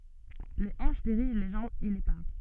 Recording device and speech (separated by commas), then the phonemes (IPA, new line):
soft in-ear microphone, read sentence
le ɑ̃ʃ diʁiʒ le ʒɑ̃bz e le pa